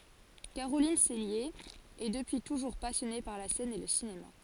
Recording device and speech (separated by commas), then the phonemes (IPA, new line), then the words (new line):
forehead accelerometer, read sentence
kaʁolin sɛlje ɛ dəpyi tuʒuʁ pasjɔne paʁ la sɛn e lə sinema
Caroline Cellier est depuis toujours passionnée par la scène et le cinéma.